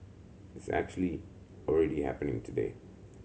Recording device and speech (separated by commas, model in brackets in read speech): mobile phone (Samsung C7100), read sentence